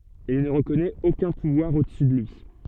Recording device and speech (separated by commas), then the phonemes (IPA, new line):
soft in-ear microphone, read sentence
il nə ʁəkɔnɛt okœ̃ puvwaʁ odəsy də lyi